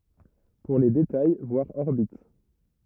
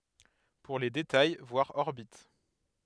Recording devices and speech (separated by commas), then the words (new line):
rigid in-ear microphone, headset microphone, read sentence
Pour les détails, voir orbite.